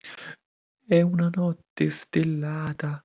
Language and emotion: Italian, surprised